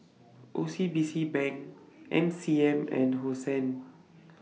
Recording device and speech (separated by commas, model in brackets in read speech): mobile phone (iPhone 6), read sentence